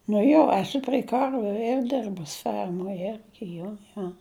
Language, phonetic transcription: Lithuanian, nu ˈjo eˈsu prei ˈkarviu er ˈderbus ˈfermoj ˈergi ˈjo ˈjo

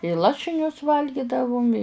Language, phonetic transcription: Lithuanian, i ˈlašinius ˈvalgidavum i

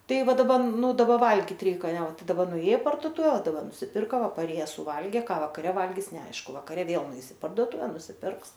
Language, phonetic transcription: Lithuanian, ˈtai ˈva daˈba ˈnu daˈba ˈvalgit ˈreik anˈe ˈtai daˈba nuˈėj i parduoˈtuve daˈbar nusiˈpirka ˈva paˈrėjes suˈvalgė ˈką vakaˈre ˈvalgis neˈaišku vakaˈre ˈvėl nuˈeis i parduoˈtuve nusiˈpirks

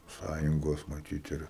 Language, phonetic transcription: Lithuanian, ˈsąjungos maˈtyt ˈir

